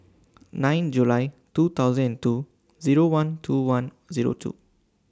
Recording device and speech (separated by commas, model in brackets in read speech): standing microphone (AKG C214), read sentence